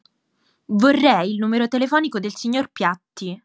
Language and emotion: Italian, angry